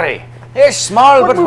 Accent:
scottish accent